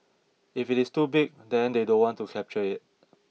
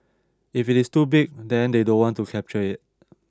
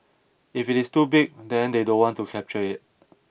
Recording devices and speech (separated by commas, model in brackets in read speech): mobile phone (iPhone 6), standing microphone (AKG C214), boundary microphone (BM630), read sentence